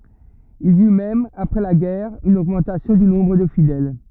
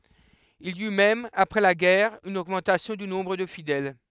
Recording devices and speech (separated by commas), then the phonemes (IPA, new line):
rigid in-ear microphone, headset microphone, read sentence
il i y mɛm apʁɛ la ɡɛʁ yn oɡmɑ̃tasjɔ̃ dy nɔ̃bʁ də fidɛl